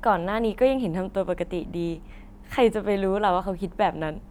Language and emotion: Thai, happy